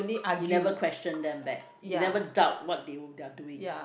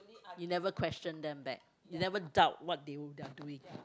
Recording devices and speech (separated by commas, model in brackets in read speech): boundary microphone, close-talking microphone, conversation in the same room